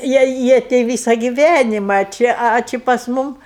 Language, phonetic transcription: Lithuanian, ˈjie ˈjie tei ˈvysa giˈvænima a ˈči a ˈči pas ˈmum

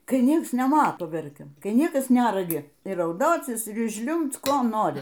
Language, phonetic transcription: Lithuanian, kai ˈnieks neˈmato ˈverkiam ˈkai ˈniekas ˈnæragi y rauˈdocis ir ˈžliumbc ˈko ˈnori

